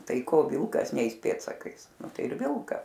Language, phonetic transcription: Lithuanian, ˈtai ˈko ˈvilkas ˈneis ˈpėdsakais nu ˈtai ir ˈvilka

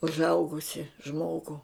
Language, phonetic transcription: Lithuanian, užˈaugusi ˈžmogu

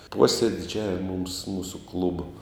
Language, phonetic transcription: Lithuanian, ˈposėdidžiavima mums ˈmūsu ˈklubo

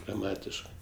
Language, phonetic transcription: Lithuanian, graˈmatiškɜ

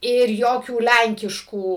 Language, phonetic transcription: Lithuanian, ir ˈjokių ˈlenkiškų

